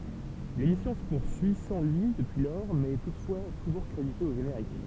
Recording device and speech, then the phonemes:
temple vibration pickup, read sentence
lemisjɔ̃ sə puʁsyi sɑ̃ lyi dəpyi lɔʁ mɛz ɛ tutfwa tuʒuʁ kʁedite o ʒeneʁik

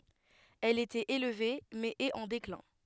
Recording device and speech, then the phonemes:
headset microphone, read sentence
ɛl etɛt elve mɛz ɛt ɑ̃ deklɛ̃

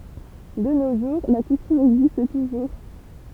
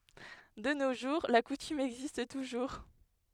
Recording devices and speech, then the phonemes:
temple vibration pickup, headset microphone, read sentence
də no ʒuʁ la kutym ɛɡzist tuʒuʁ

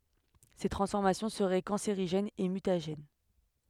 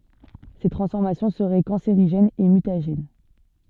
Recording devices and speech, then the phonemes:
headset microphone, soft in-ear microphone, read sentence
se tʁɑ̃sfɔʁmasjɔ̃ səʁɛ kɑ̃seʁiʒɛnz e mytaʒɛn

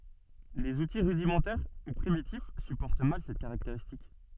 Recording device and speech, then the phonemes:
soft in-ear microphone, read sentence
lez uti ʁydimɑ̃tɛʁ u pʁimitif sypɔʁt mal sɛt kaʁakteʁistik

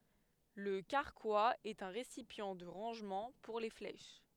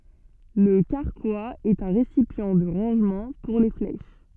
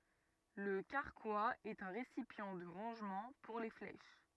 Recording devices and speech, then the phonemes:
headset microphone, soft in-ear microphone, rigid in-ear microphone, read sentence
lə kaʁkwaz ɛt œ̃ ʁesipjɑ̃ də ʁɑ̃ʒmɑ̃ puʁ le flɛʃ

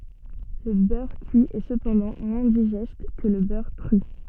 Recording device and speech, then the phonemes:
soft in-ear microphone, read sentence
lə bœʁ kyi ɛ səpɑ̃dɑ̃ mwɛ̃ diʒɛst kə lə bœʁ kʁy

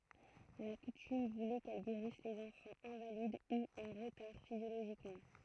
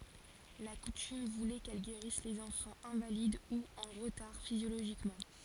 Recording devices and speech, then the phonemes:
throat microphone, forehead accelerometer, read sentence
la kutym vulɛ kɛl ɡeʁis lez ɑ̃fɑ̃z ɛ̃valid u ɑ̃ ʁətaʁ fizjoloʒikmɑ̃

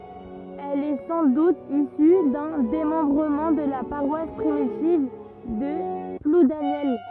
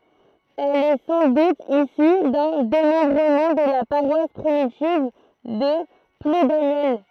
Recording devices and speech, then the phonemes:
rigid in-ear microphone, throat microphone, read sentence
ɛl ɛ sɑ̃ dut isy dœ̃ demɑ̃bʁəmɑ̃ də la paʁwas pʁimitiv də pludanjɛl

